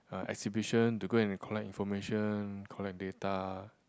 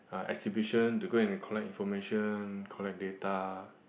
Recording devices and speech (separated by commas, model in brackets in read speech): close-talking microphone, boundary microphone, conversation in the same room